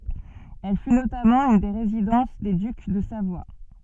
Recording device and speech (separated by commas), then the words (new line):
soft in-ear microphone, read sentence
Elle fut notamment une des résidences des ducs de Savoie.